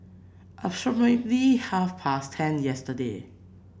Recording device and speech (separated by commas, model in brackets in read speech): boundary microphone (BM630), read sentence